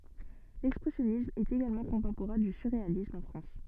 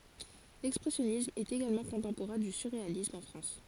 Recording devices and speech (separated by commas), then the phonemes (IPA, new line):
soft in-ear microphone, forehead accelerometer, read sentence
lɛkspʁɛsjɔnism ɛt eɡalmɑ̃ kɔ̃tɑ̃poʁɛ̃ dy syʁʁealism ɑ̃ fʁɑ̃s